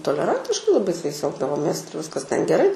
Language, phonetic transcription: Lithuanian, toleˈrantiškai laˈbai su jais ˈelgdavomės ˈir viskas ten geˈrai

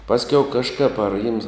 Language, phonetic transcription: Lithuanian, ˈpaskiau kažˈkap ar jims

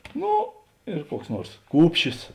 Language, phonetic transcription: Lithuanian, ˈno ir ˈkuoks ˈnuors ˈkūpšis

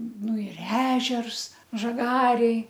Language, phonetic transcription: Lithuanian, ˈnu ir ˈežers žaˈgarėj

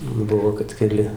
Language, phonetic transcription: Lithuanian, ˈbuvo kad keˈli

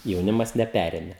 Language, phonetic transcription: Lithuanian, jauˈnimas neˈpærėme

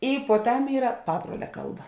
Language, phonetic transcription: Lithuanian, i puoˈtam ˈyra ˈpabruolia ˈkalˌba

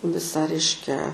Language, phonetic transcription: Lithuanian, ˈvisą ˈreiškia

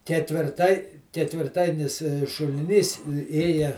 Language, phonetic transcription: Lithuanian, ketvirˈtai ketvirˈtainis šuliˈnys ˈėja

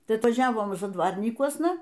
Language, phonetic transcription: Lithuanian, ˈtai atvaˈžiavom zadˈvarnykuosna

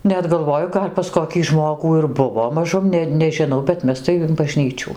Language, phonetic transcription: Lithuanian, ˈnet galˈvoju ˈgal' pas koˈkį ˈžmogų ir ˈbuvo maˈžum ˈne nežiˈnau bet ˈmes tai in baˈžnyčių

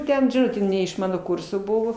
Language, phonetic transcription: Lithuanian, ˈten ˈžodžiu ne iš ˈmano ˈkurso ˈbuvo

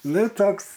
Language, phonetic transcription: Lithuanian, ˈnu toks

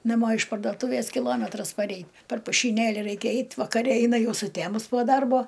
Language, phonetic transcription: Lithuanian, naˈmo iš pardoˈtūvės kiˈlometras paˈrei per pušyˈnėli ˈraikia ˈeit' vakaˈre ˈeina ˈjau suˈtæmus po ˈdarbo

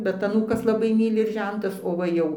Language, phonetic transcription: Lithuanian, ˈbet aˈnūkas laˈbai ˈmyli ir ˈžentas o ˈva jau

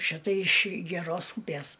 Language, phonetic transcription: Lithuanian, ˈšita iš geˈros ˈūpės

